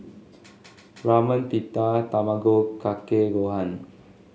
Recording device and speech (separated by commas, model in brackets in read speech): mobile phone (Samsung S8), read sentence